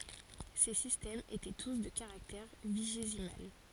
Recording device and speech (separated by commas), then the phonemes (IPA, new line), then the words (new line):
forehead accelerometer, read sentence
se sistɛmz etɛ tus də kaʁaktɛʁ viʒezimal
Ces systèmes étaient tous de caractère vigésimal.